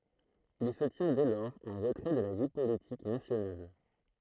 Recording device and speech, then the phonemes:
throat microphone, read sentence
il sə tjɛ̃ dɛ lɔʁz ɑ̃ ʁətʁɛ də la vi politik nasjonal

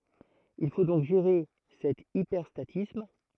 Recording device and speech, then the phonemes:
throat microphone, read sentence
il fo dɔ̃k ʒeʁe sɛt ipɛʁstatism

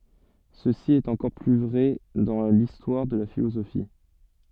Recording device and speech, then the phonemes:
soft in-ear microphone, read sentence
səsi ɛt ɑ̃kɔʁ ply vʁɛ dɑ̃ listwaʁ də la filozofi

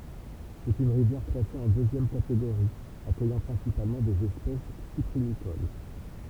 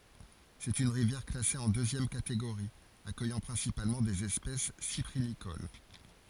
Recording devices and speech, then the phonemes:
temple vibration pickup, forehead accelerometer, read sentence
sɛt yn ʁivjɛʁ klase ɑ̃ døzjɛm kateɡoʁi akœjɑ̃ pʁɛ̃sipalmɑ̃ dez ɛspɛs sipʁinikol

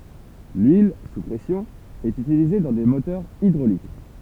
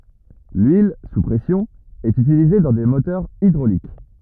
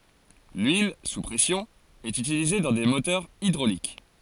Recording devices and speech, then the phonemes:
temple vibration pickup, rigid in-ear microphone, forehead accelerometer, read sentence
lyil su pʁɛsjɔ̃ ɛt ytilize dɑ̃ de motœʁz idʁolik

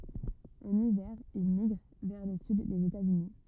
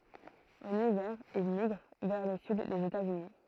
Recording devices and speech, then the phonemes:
rigid in-ear microphone, throat microphone, read sentence
ɑ̃n ivɛʁ il miɡʁ vɛʁ lə syd dez etatsyni

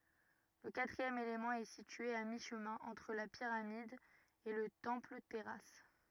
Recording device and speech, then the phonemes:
rigid in-ear microphone, read sentence
lə katʁiɛm elemɑ̃ ɛ sitye a miʃmɛ̃ ɑ̃tʁ la piʁamid e lə tɑ̃plətɛʁas

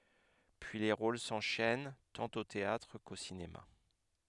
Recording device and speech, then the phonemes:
headset microphone, read sentence
pyi le ʁol sɑ̃ʃɛn tɑ̃t o teatʁ ko sinema

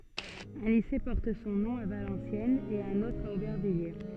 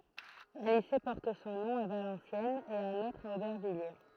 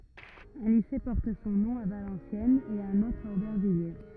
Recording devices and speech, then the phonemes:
soft in-ear microphone, throat microphone, rigid in-ear microphone, read sentence
œ̃ lise pɔʁt sɔ̃ nɔ̃ a valɑ̃sjɛnz e œ̃n otʁ a obɛʁvijje

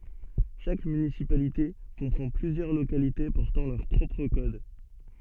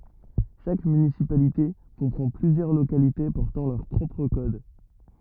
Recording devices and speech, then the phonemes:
soft in-ear microphone, rigid in-ear microphone, read sentence
ʃak mynisipalite kɔ̃pʁɑ̃ plyzjœʁ lokalite pɔʁtɑ̃ lœʁ pʁɔpʁ kɔd

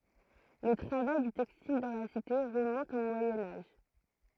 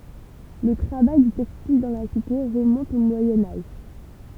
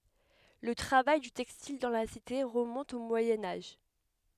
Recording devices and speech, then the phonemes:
throat microphone, temple vibration pickup, headset microphone, read sentence
lə tʁavaj dy tɛkstil dɑ̃ la site ʁəmɔ̃t o mwajɛ̃ aʒ

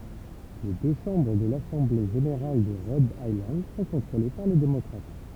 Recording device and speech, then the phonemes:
temple vibration pickup, read sentence
le dø ʃɑ̃bʁ də lasɑ̃ble ʒeneʁal də ʁɔd ajlɑ̃d sɔ̃ kɔ̃tʁole paʁ le demɔkʁat

